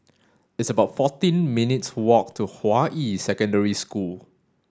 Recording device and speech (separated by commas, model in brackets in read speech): standing microphone (AKG C214), read sentence